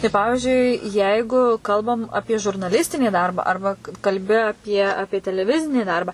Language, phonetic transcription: Lithuanian, tai ˈpavižiui ˈjeigu ˈkalbam ˈapie žurnaˈlistinį ˈdarbą ˈarba kalbi aˈpie ˈapie teleˈvizinį ˈdarba

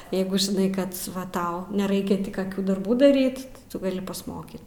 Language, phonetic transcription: Lithuanian, ˈjeigu žiˈnai ˈkad ˈva ˈtau neˈraikia ˈti kaˈkių darˈbų daˈryt ti ˈtu gaˈli pasˈmokyt

